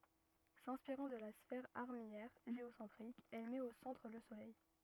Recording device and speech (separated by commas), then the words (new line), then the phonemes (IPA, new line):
rigid in-ear microphone, read sentence
S'inspirant de la sphère armillaire géocentrique, elle met au centre le soleil.
sɛ̃spiʁɑ̃ də la sfɛʁ aʁmijɛʁ ʒeosɑ̃tʁik ɛl mɛt o sɑ̃tʁ lə solɛj